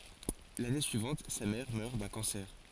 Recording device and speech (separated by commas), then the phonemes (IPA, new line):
forehead accelerometer, read sentence
lane syivɑ̃t sa mɛʁ mœʁ dœ̃ kɑ̃sɛʁ